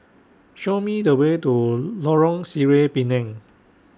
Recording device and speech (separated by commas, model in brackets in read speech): standing microphone (AKG C214), read sentence